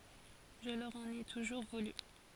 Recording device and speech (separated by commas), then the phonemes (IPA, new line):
forehead accelerometer, read sentence
ʒə lœʁ ɑ̃n e tuʒuʁ vuly